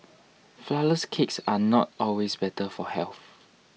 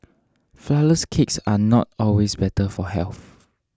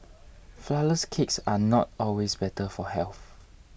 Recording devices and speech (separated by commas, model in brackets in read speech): mobile phone (iPhone 6), standing microphone (AKG C214), boundary microphone (BM630), read sentence